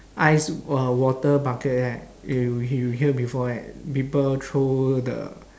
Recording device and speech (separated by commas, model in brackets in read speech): standing microphone, conversation in separate rooms